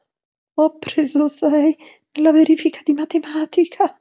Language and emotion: Italian, fearful